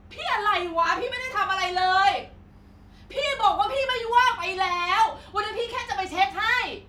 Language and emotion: Thai, angry